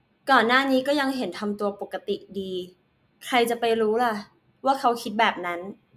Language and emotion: Thai, neutral